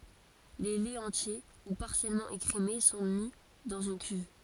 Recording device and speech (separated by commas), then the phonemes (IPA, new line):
forehead accelerometer, read sentence
le lɛz ɑ̃tje u paʁsjɛlmɑ̃ ekʁeme sɔ̃ mi dɑ̃z yn kyv